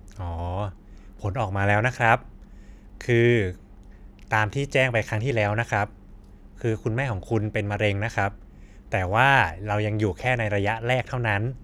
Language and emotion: Thai, neutral